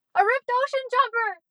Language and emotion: English, fearful